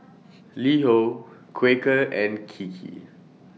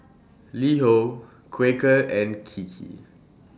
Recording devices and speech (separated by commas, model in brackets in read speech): mobile phone (iPhone 6), standing microphone (AKG C214), read sentence